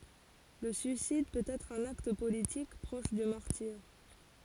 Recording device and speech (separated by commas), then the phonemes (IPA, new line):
forehead accelerometer, read sentence
lə syisid pøt ɛtʁ œ̃n akt politik pʁɔʃ dy maʁtiʁ